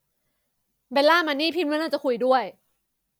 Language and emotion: Thai, frustrated